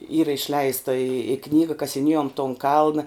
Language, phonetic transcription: Lithuanian, ˈyra išˈleista i i ˈknyga kasiˈniejom ton ˈkalna

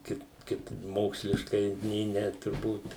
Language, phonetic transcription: Lithuanian, ˈkaip ˈkaip ˈmoksliškai nė ˈne turˈbūt

